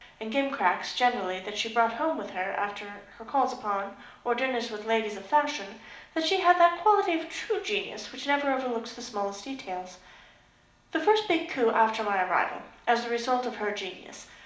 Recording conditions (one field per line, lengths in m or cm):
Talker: one person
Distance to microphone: 2.0 m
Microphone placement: close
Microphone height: 99 cm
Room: medium-sized (5.7 m by 4.0 m)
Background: none